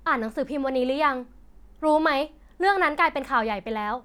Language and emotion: Thai, angry